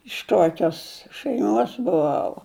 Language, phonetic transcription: Lithuanian, iš ˈkokios šæiˈmos buˈvau

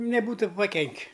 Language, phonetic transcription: Lithuanian, neˈbūtu paˈkenki

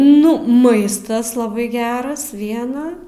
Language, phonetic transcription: Lithuanian, ˈnu ˈmaistas laˈbai ˈgeras ˈviena

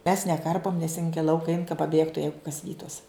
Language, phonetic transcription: Lithuanian, mes neˈkarpom nes in gi i ˈlauka ein ka paˈbėgtu ˈjeigu kas ˈvytus

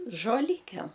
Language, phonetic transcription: Lithuanian, žoˈlykem

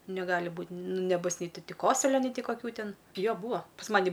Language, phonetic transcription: Lithuanian, neˈgali ˈbūt' ˈnu neˈbus ˈnei ˈti ˈti ˈkosulio nei ˈti kaˈkių ˈtin ˈjo ˈbūa pas ˈmani

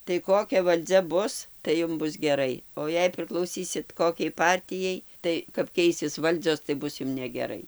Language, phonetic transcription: Lithuanian, tai ˈkokia valˈdzia ˈbus tai ˈjum ˈbus geˈrai o ˈjei priklauˈsysit ˈkokiai ˈpartijai ˈtai kap ˈkeisis ˈvaldzios tai ˈbus ˈjum negeˈrai

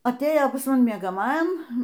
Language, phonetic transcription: Lithuanian, aˈtėjo pas maˈni miegaˈmajam

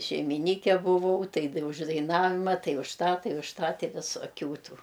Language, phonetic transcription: Lithuanian, šeimiˈnyke buˈvau ˈtai d už daiˈnavima ˈtai už ˈtą ˈtai už ˈtą ˈti visoˈkių ˈtų

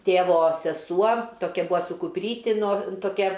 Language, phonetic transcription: Lithuanian, ˈtėvo seˈsuo ˈtokia ˈbua su kupˈryti nor toˈkia

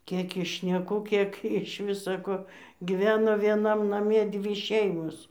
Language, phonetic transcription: Lithuanian, ˈkėk iš šneˈkų ˈkiek iš ˈvisa ko giˈveno ˈvienam ˈname ˈdvy ˈšeimos

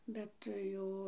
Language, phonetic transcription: Lithuanian, ˈbet ˈjau

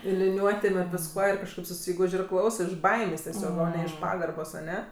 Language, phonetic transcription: Lithuanian, ir liˈniuotėm ir visˈkuo ir kažˈkaip suˈsyguž' ir ˈklausɜ iš ˈbaimės' teˈsiog o ne iš ˈpagarbos aˈne

